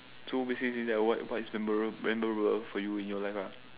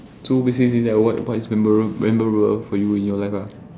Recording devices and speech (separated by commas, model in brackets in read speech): telephone, standing microphone, conversation in separate rooms